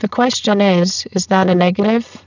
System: VC, spectral filtering